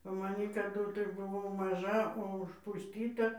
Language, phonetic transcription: Lithuanian, va maˈny kaˈdu tai buˈvau maˈža o užpusˈtyta

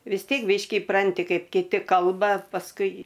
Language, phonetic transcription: Lithuanian, vis ˈtiek ˈbyški iˈpranti ˈkaip kiˈti ˈkalba pasˈkui

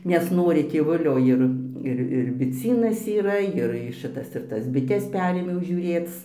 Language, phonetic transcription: Lithuanian, nesˈnori tėˈvulio ˈir ˈir ir biˈcynas yˈra jir ˈšɨtas ir ˈtas biˈtes ˈperėmiau žiūˈrėc

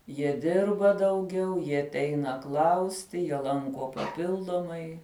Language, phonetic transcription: Lithuanian, jie ˈdirba dauˈgiau jie atˈeina ˈklausti jie ˈlanko paˈpildomai

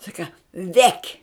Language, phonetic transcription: Lithuanian, ˈsaka ˈvek'

